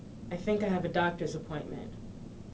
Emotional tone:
neutral